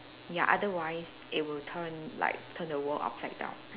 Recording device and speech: telephone, conversation in separate rooms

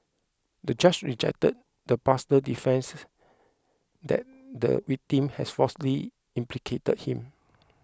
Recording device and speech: close-talking microphone (WH20), read sentence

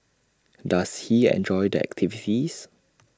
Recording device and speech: standing microphone (AKG C214), read sentence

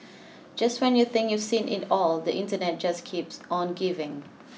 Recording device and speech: mobile phone (iPhone 6), read sentence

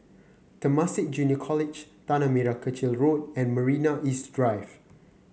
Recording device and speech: mobile phone (Samsung C9), read sentence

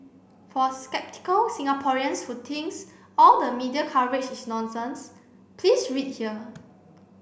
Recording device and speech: boundary microphone (BM630), read sentence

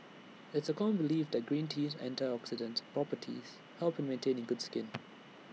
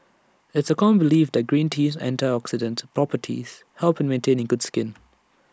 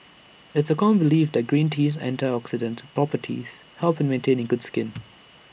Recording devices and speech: mobile phone (iPhone 6), standing microphone (AKG C214), boundary microphone (BM630), read sentence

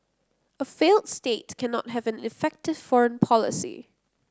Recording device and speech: close-talking microphone (WH30), read sentence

